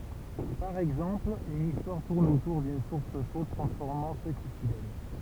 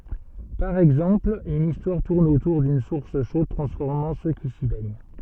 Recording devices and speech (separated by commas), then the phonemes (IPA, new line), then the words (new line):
temple vibration pickup, soft in-ear microphone, read sentence
paʁ ɛɡzɑ̃pl yn istwaʁ tuʁn otuʁ dyn suʁs ʃod tʁɑ̃sfɔʁmɑ̃ sø ki si bɛɲ
Par exemple, une histoire tourne autour d'une source chaude transformant ceux qui s'y baignent.